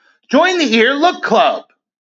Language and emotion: English, happy